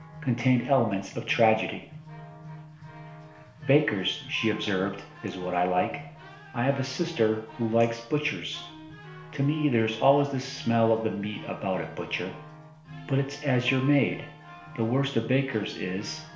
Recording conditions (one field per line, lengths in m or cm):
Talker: one person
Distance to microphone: 1.0 m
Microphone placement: close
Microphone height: 1.1 m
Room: small (3.7 m by 2.7 m)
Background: music